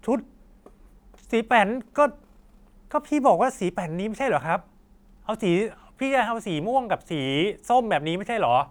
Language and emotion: Thai, neutral